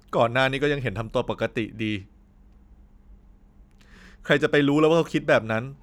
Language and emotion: Thai, sad